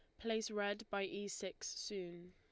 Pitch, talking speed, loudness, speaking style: 200 Hz, 170 wpm, -43 LUFS, Lombard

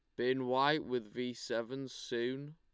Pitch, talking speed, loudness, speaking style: 125 Hz, 155 wpm, -36 LUFS, Lombard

